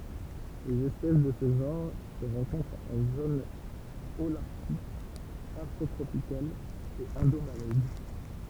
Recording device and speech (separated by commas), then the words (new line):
temple vibration pickup, read sentence
Les espèces de ce genre se rencontrent en zones holarctique, afrotropicale et indomalaise.